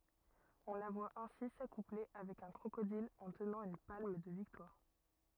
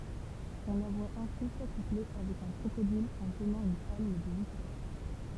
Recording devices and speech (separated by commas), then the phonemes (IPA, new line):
rigid in-ear microphone, temple vibration pickup, read sentence
ɔ̃ la vwa ɛ̃si sakuple avɛk œ̃ kʁokodil ɑ̃ tənɑ̃ yn palm də viktwaʁ